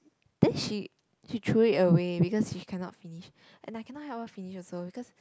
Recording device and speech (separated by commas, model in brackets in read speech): close-talking microphone, conversation in the same room